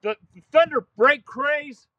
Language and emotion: English, fearful